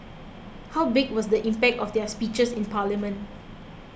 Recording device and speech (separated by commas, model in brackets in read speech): boundary microphone (BM630), read sentence